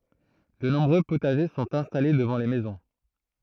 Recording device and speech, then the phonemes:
throat microphone, read sentence
də nɔ̃bʁø potaʒe sɔ̃t ɛ̃stale dəvɑ̃ le mɛzɔ̃

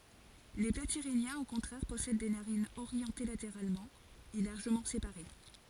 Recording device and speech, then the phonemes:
forehead accelerometer, read sentence
le platiʁinjɛ̃z o kɔ̃tʁɛʁ pɔsɛd de naʁinz oʁjɑ̃te lateʁalmɑ̃ e laʁʒəmɑ̃ sepaʁe

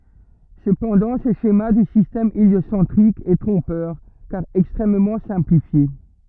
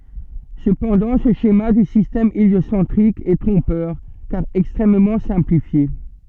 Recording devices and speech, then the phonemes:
rigid in-ear microphone, soft in-ear microphone, read sentence
səpɑ̃dɑ̃ sə ʃema dy sistɛm eljosɑ̃tʁik ɛ tʁɔ̃pœʁ kaʁ ɛkstʁɛmmɑ̃ sɛ̃plifje

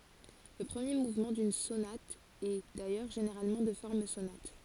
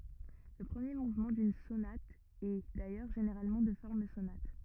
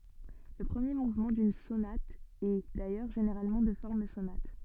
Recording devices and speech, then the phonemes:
forehead accelerometer, rigid in-ear microphone, soft in-ear microphone, read sentence
lə pʁəmje muvmɑ̃ dyn sonat ɛ dajœʁ ʒeneʁalmɑ̃ də fɔʁm sonat

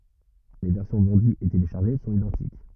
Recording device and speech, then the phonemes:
rigid in-ear microphone, read sentence
le vɛʁsjɔ̃ vɑ̃dyz e teleʃaʁʒe sɔ̃t idɑ̃tik

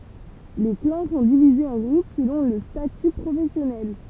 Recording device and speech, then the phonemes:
temple vibration pickup, read sentence
le klɑ̃ sɔ̃ divizez ɑ̃ ɡʁup səlɔ̃ lə staty pʁofɛsjɔnɛl

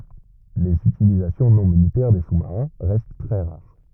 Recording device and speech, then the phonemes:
rigid in-ear microphone, read sentence
lez ytilizasjɔ̃ nɔ̃ militɛʁ de susmaʁɛ̃ ʁɛst tʁɛ ʁaʁ

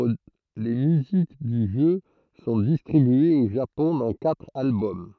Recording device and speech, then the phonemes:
throat microphone, read sentence
le myzik dy ʒø sɔ̃ distʁibyez o ʒapɔ̃ dɑ̃ katʁ albɔm

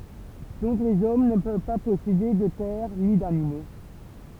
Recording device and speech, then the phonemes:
temple vibration pickup, read sentence
dɔ̃k lez ɔm nə pøv pa pɔsede də tɛʁ ni danimo

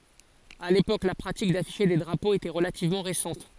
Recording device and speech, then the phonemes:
forehead accelerometer, read sentence
a lepok la pʁatik dafiʃe de dʁapoz etɛ ʁəlativmɑ̃ ʁesɑ̃t

